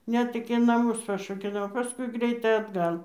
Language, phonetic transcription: Lithuanian, ˈnet iki naˈmus paršokeˈliavo paˈskui ˈgreitai atˈgal

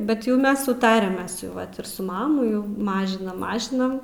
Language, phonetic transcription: Lithuanian, bet ˈjau ˈmes suˈtarę ˈmes jau ˈvat ir su ˈmamu jau ˈmažinam ˈmažinam

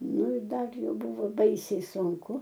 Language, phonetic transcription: Lithuanian, ˈnu ir ˈdar ˈjau ˈbuvo ˈbaisiai sunˈku

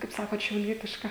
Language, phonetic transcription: Lithuanian, kaip ˈsakot šiauˈlietiška

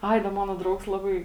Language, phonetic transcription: Lithuanian, ˈai da ˈmano ˈdraugs ˈlabai

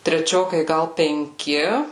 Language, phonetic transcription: Lithuanian, treˈčiokai ˈgal penˈki

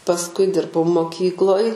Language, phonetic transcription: Lithuanian, pasˈkui ˈdirbau moˈkykloj

